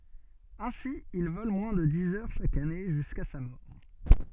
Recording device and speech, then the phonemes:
soft in-ear microphone, read sentence
ɛ̃si il vɔl mwɛ̃ də diz œʁ ʃak ane ʒyska sa mɔʁ

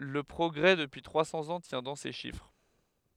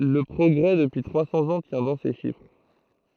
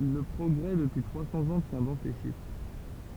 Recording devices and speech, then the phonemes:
headset microphone, throat microphone, temple vibration pickup, read sentence
lə pʁɔɡʁɛ dəpyi tʁwa sɑ̃z ɑ̃ tjɛ̃ dɑ̃ se ʃifʁ

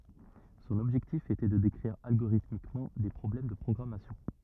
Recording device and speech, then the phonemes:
rigid in-ear microphone, read sentence
sɔ̃n ɔbʒɛktif etɛ də dekʁiʁ alɡoʁitmikmɑ̃ de pʁɔblɛm də pʁɔɡʁamasjɔ̃

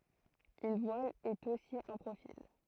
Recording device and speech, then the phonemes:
throat microphone, read sentence
yn vwal ɛt osi œ̃ pʁofil

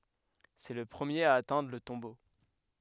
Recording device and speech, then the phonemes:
headset microphone, read sentence
sɛ lə pʁəmjeʁ a atɛ̃dʁ lə tɔ̃bo

